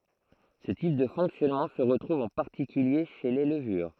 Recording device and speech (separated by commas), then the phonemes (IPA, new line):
throat microphone, read sentence
sə tip də fɔ̃ksjɔnmɑ̃ sə ʁətʁuv ɑ̃ paʁtikylje ʃe le ləvyʁ